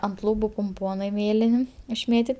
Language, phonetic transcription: Lithuanian, ant ˈlūbu pumˈponai ˈmėlin' išˈmėtit'

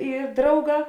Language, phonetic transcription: Lithuanian, i ˈdrauˌgā

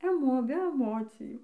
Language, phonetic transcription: Lithuanian, eˈmo be eˈmocijų

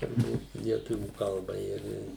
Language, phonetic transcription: Lithuanian, turˈbūt lieˈtuvių ˈkalba ir i

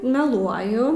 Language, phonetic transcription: Lithuanian, meˈluoju

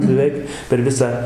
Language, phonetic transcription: Lithuanian, beˈveik per ˈvisą

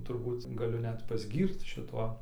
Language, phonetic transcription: Lithuanian, turˈbūt gaˈliu ˈnet pasˈgyrc šiˈtuo

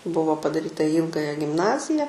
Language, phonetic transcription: Lithuanian, ˈbuvo padaˈryta į ˈylgaja gimˈnazija

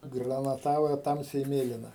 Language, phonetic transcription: Lithuanian, granaˈtava ˈtamsiai ˈmėlina

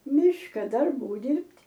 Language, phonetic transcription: Lithuanian, ˈmiška darˈbų ˈdirbt'

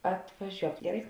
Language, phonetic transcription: Lithuanian, atvaˈžiuok geˈrai

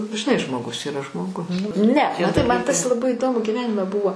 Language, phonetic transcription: Lithuanian, žiˈnai žmoˈgus yˈra žmoˈgus ˈne maˈtai man tas laˈbai iˈdomu giˈvenime ˈbuvo

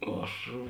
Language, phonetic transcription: Lithuanian, ˈaš

